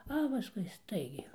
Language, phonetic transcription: Lithuanian, a paˈskui ˈstaigiai

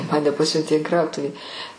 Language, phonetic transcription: Lithuanian, ˈmane ˈpasiuntė in ˈkrautuvį

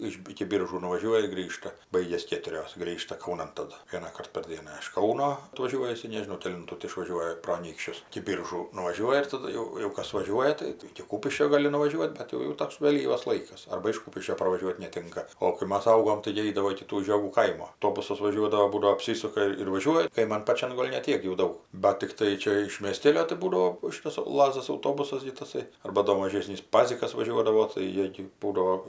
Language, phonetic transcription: Lithuanian, ˈiš iki ˈbyržų nuvaˈžiuoja ir ˈgrįžta ˈbaigias ˈkėturios ˈgrįžta kauˈnan taˈdu ˈvienaˈkart par ˈdiena iš ˈkauno atvaˈžiuoja iˈsai nežiˈnau keˈlintų ti išvaˈžiuoja pro aˈnykščius iki ˈbyržų nuvaˈžiuoja ir taˈdu jau jau ˈkas vaˈžiuoja ˈtai tai iki ˈkūpiškio ˈgali nuvaˈžiuot' ˈbet jau jau ˈtoks vėˈlyvas ˈlaikas ˈarba iš ˈkupiškio parvaˈžiuot' neˈtinka o kai ˈmas ˈaugom taigi ˈeidavo iki ˈtų žioˈgų ˈkaimo auˈtobusas vaˈžiuodavo ˈbūdavo apˈsysuka ir ir vaˈžiuoja kaiˈman paˈčian ˈgol' ne ˈtiek jau ˈdaug bat tikˈtai ˈčia iš miesˈtėlio tai ˈbūdavo ˈšitas ˈlazas auˈtobusas gi taˈsai ˈarba ˈdo maˈžėsnys ˈpazikas vaˈžiuodavo tai ˈjė gi ˈbūdao

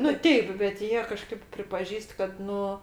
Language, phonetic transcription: Lithuanian, nu ˈteip bet ˈjie kaˈžkaip pripaˈžįst kad ˈnu

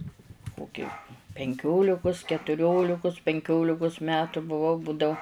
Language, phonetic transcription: Lithuanian, ˈkoki penˈkiolikus ketuˈriolikus penˈkiolikus ˈmetu buˈvau ˈbūdau

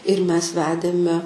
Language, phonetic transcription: Lithuanian, ir ˈmes ˈvedėme

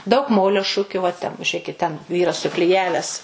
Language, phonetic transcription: Lithuanian, daug ˈmolio ˈšukiu va ten žiuˈrėkit ten ˈvyras sukliˈjavęs

